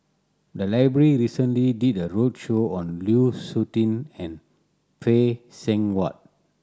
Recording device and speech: standing microphone (AKG C214), read sentence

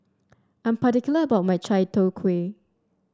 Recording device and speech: standing microphone (AKG C214), read sentence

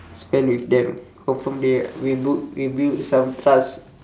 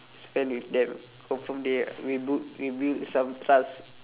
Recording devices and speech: standing microphone, telephone, conversation in separate rooms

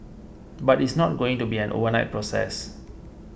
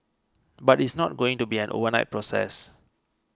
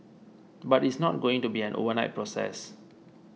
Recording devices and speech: boundary microphone (BM630), close-talking microphone (WH20), mobile phone (iPhone 6), read sentence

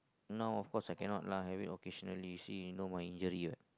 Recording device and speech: close-talking microphone, conversation in the same room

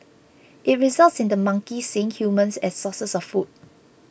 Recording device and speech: boundary microphone (BM630), read sentence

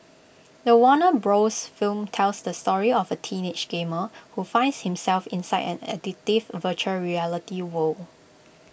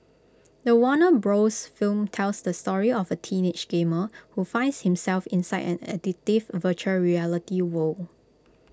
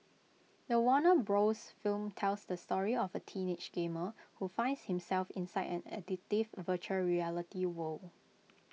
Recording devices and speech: boundary microphone (BM630), close-talking microphone (WH20), mobile phone (iPhone 6), read sentence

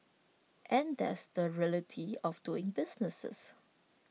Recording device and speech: mobile phone (iPhone 6), read sentence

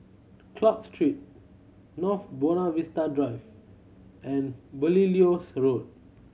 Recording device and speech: mobile phone (Samsung C7100), read sentence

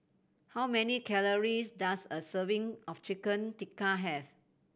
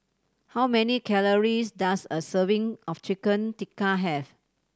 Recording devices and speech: boundary microphone (BM630), standing microphone (AKG C214), read sentence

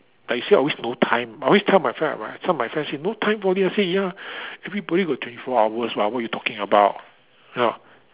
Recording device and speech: telephone, conversation in separate rooms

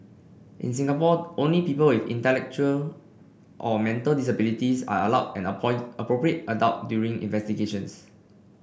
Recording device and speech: boundary microphone (BM630), read sentence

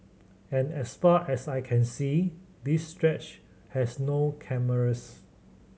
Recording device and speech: mobile phone (Samsung C7100), read sentence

